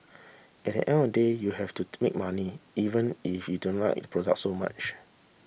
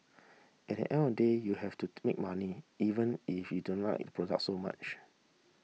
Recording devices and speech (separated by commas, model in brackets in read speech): boundary microphone (BM630), mobile phone (iPhone 6), read sentence